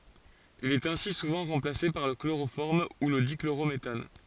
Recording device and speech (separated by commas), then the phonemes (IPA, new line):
forehead accelerometer, read sentence
il ɛt ɛ̃si suvɑ̃ ʁɑ̃plase paʁ lə kloʁofɔʁm u lə dikloʁometan